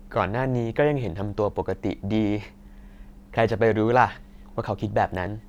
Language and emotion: Thai, neutral